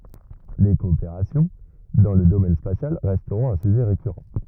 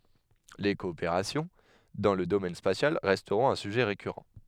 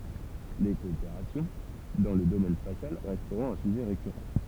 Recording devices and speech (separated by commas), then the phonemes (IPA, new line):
rigid in-ear microphone, headset microphone, temple vibration pickup, read sentence
le kɔopeʁasjɔ̃ dɑ̃ lə domɛn spasjal ʁɛstʁɔ̃t œ̃ syʒɛ ʁekyʁɑ̃